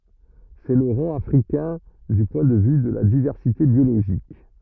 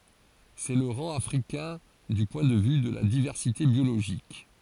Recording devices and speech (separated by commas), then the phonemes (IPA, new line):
rigid in-ear microphone, forehead accelerometer, read sentence
sɛ lə ʁɑ̃ afʁikɛ̃ dy pwɛ̃ də vy də la divɛʁsite bjoloʒik